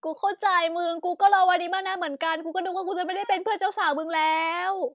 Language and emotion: Thai, happy